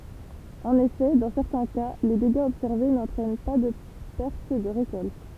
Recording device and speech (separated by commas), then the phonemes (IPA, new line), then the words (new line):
temple vibration pickup, read sentence
ɑ̃n efɛ dɑ̃ sɛʁtɛ̃ ka le deɡaz ɔbsɛʁve nɑ̃tʁɛn paʁ də pɛʁt də ʁekɔlt
En effet, dans certains cas, les dégâts observés n'entraînent par de perte de récolte.